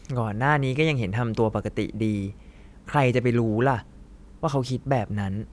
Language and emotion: Thai, frustrated